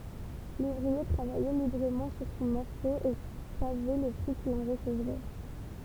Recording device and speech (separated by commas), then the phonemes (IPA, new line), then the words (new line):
temple vibration pickup, read sentence
luvʁie tʁavajɛ libʁəmɑ̃ syʁ sɔ̃ mɔʁso e savɛ lə pʁi kil ɑ̃ ʁəsəvʁɛ
L'ouvrier travaillait librement sur son morceau et savait le prix qu'il en recevrait.